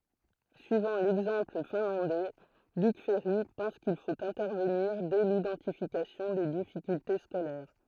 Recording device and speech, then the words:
throat microphone, read sentence
Suivant l'exemple finlandais, Luc Ferry pense qu’il faut intervenir dès l'identification des difficultés scolaires.

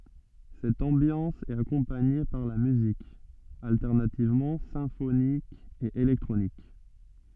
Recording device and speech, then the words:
soft in-ear microphone, read sentence
Cette ambiance est accompagnée par la musique, alternativement symphonique et électronique.

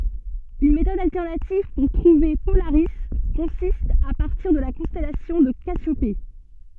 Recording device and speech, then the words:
soft in-ear microphone, read sentence
Une méthode alternative pour trouver Polaris consiste à partir de la constellation de Cassiopée.

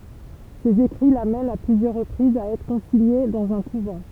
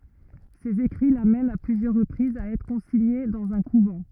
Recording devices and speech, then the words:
temple vibration pickup, rigid in-ear microphone, read sentence
Ses écrits l'amènent, à plusieurs reprises, à être consignée dans un couvent.

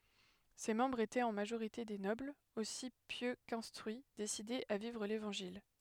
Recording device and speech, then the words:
headset microphone, read sentence
Ses membres étaient en majorité des nobles, aussi pieux qu'instruits, décidés à vivre l'Évangile.

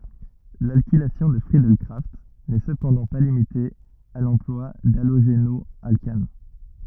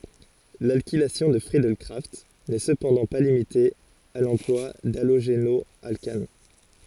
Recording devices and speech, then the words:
rigid in-ear microphone, forehead accelerometer, read sentence
L'alkylation de Friedel-Crafts n'est cependant pas limitée à l'emploi d'halogénoalcanes.

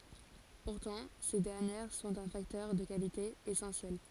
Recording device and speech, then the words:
forehead accelerometer, read sentence
Pourtant, ces dernières sont un facteur de qualité essentiel.

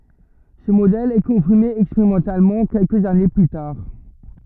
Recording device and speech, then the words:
rigid in-ear microphone, read sentence
Ce modèle est confirmé expérimentalement quelques années plus tard.

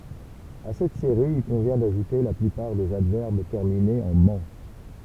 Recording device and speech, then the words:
temple vibration pickup, read sentence
À cette série, il convient d'ajouter la plupart des adverbes terminés en -ment.

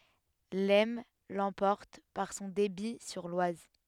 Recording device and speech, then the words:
headset microphone, read sentence
L'Aisne l'emporte par son débit sur l'Oise.

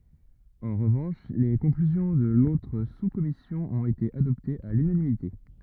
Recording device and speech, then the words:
rigid in-ear microphone, read sentence
En revanche, les conclusions de l'autre sous-commission ont été adoptées à l'unanimité.

